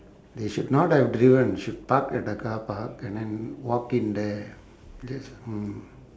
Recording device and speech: standing microphone, conversation in separate rooms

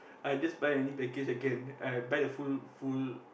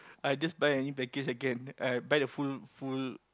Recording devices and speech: boundary microphone, close-talking microphone, conversation in the same room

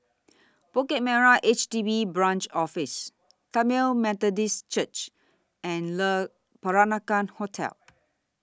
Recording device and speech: standing microphone (AKG C214), read sentence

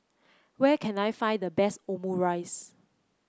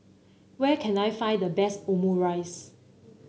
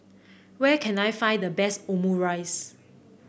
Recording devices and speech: close-talking microphone (WH30), mobile phone (Samsung C9), boundary microphone (BM630), read sentence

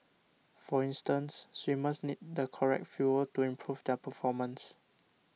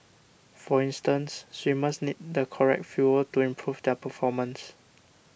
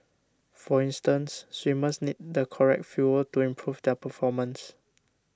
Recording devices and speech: mobile phone (iPhone 6), boundary microphone (BM630), standing microphone (AKG C214), read sentence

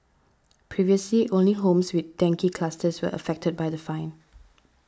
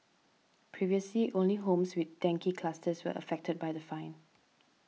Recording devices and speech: standing microphone (AKG C214), mobile phone (iPhone 6), read sentence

